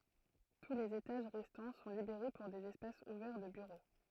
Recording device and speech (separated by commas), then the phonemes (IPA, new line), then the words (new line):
throat microphone, read sentence
tu lez etaʒ ʁɛstɑ̃ sɔ̃ libeʁe puʁ dez ɛspasz uvɛʁ də byʁo
Tous les étages restants sont libérés pour des espaces ouverts de bureaux.